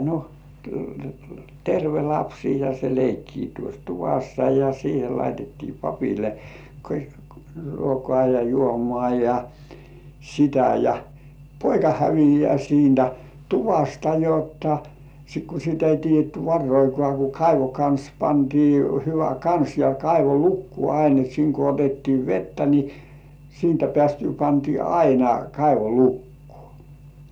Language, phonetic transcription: Finnish, no , 'terve "lapsi ja se 'leikkii tuos "tuvassa ja siihe laitettii 'papile , 'ruokŏà ja 'juomŏ§à ja , 'sitä ja , "poika 'hävijeä siintä "tuvasta jotta , ku sit ‿ei 'tiij̆jetty "varroikŏà ku "kaivo 'kans 'pantii hyvä "kans ja 'kaivo "lukkuò 'ain et 'siiŋ ko otettii "vettä ni , 'siintä pĕä̀styy pantii "aina kaivo 'lukkᴜ̆ᴏ̀ .
- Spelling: no terve lapsi ja se leikkii tuossa tuvassa ja siihen laitettiin papille ruokaa ja juomaa ja sitä ja poika häviää siitä tuvasta jotta kun sitä ei tiedetty varoakaan kun kaivon kansi pantiin hyvä kansi ja kaivo lukkoon aina että siinä kun otettiin vettä niin siitä päästyä pantiin aina kaivo lukkoon

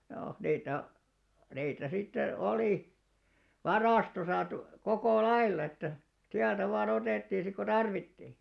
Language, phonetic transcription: Finnish, 'joo , 'niitä , niitä 'sitte 'olì , "varàstosa tu- , 'kokò "lailla että , 'siältä vaa'n ‿otèttiin̬ sik ko "tarvittì .
- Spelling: joo niitä niitä sitten oli varastossa - koko lailla että sieltä vain otettiin sitten kun tarvittiin

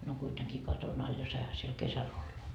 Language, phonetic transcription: Finnish, no kuiteŋkii 'katon ‿al ja 'saiha siel "kesäl olla .
- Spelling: no kuitenkin katon alla ja saihan siellä kesällä olla

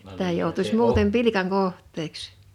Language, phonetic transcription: Finnish, sitä joutuś 'muutem "pilikaŋ "koh̀t̆teeks .
- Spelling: sitä joutuisi muuten pilkan kohteeksi

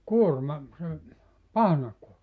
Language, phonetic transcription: Finnish, 'kuorma , se , "pahnakuo(rma) .
- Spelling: kuorma se pahnakuorma

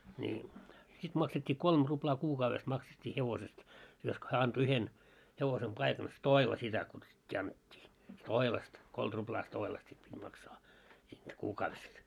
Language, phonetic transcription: Finnish, ńi , sit maksett́ii 'kolm ruplaa 'kuukauves makset́t́ii 'hevosest , josko 'hää anto 'yhen , hevosem 'paikan , "stoila sitä kutsut́t́ii annet́t́ii , "stoilast , 'kolt ruplaa 'stoilast sit pit́ 'maksaa , siint 'kuukaavest .
- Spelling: niin sitten maksettiin kolme ruplaa kuukaudessa maksettiin hevosesta josko hän antoi yhden hevosen paikan stoila sitä kutsuttiin annettiin stoilasta kolme ruplaa stoilasta sitten piti maksaa siitä kuukaudesta

